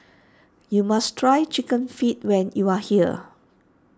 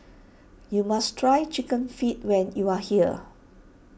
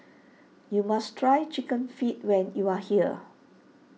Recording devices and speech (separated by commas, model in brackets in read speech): standing microphone (AKG C214), boundary microphone (BM630), mobile phone (iPhone 6), read sentence